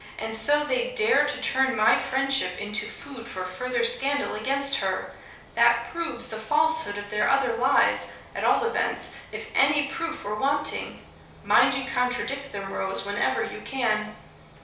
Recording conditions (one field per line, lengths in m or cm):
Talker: one person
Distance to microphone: 3.0 m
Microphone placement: far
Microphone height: 1.8 m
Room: small (3.7 m by 2.7 m)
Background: none